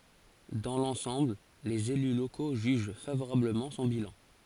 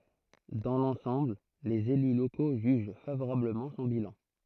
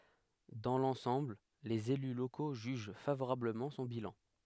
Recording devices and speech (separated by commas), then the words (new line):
forehead accelerometer, throat microphone, headset microphone, read sentence
Dans l’ensemble, les élus locaux jugent favorablement son bilan.